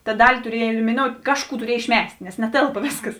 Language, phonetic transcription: Lithuanian, ta ˈdali tuˈriej elimiˈnout' ˈkažˌkų tuˈriej išˈmes't' nes neˈtėlpa ˈvėsˌkas

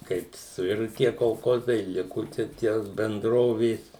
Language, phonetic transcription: Lithuanian, ˈkaip suˈiru ˈtie kolˈkozai ˈliku čia ˈtie benˈdrovės

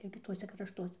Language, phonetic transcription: Lithuanian, jau kiˈtuose krašˈtuose

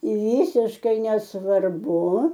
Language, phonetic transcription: Lithuanian, ˈvisiškai nesvarˈbu

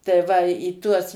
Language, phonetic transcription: Lithuanian, tai ˈva į ˈtuos

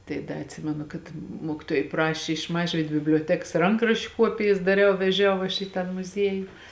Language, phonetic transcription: Lithuanian, tai ˈda atˈsimenu kad ˈmuokiˌtuojai ˈpraši iš ˈmažvyd biblioˈteks ˈrankraščiu ˈkuopijas daˈriau veˈžiau aš į ˈtą muˈzieju

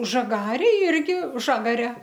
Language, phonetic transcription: Lithuanian, žaˈgarėj ˈirgi ˈžagare

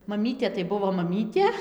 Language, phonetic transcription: Lithuanian, maˈmytė tai ˈbuvo maˈmytė

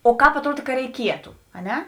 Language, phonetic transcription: Lithuanian, o ˈkāp atˈruod ˈka reiˈkietu a ˈne

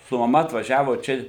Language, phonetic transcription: Lithuanian, su maˈma atvaˈžiavo ˈčia

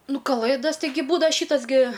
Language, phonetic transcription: Lithuanian, ˈnu kaˈlɘdas tiˈgi ˈbūdava ˈšytas gi

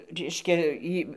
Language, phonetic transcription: Lithuanian, ˈreiškia ˈį

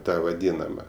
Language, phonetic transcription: Lithuanian, ˈta vaˈdynama

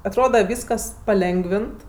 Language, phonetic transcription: Lithuanian, atˈroda ˈvyskas paˈlengvint

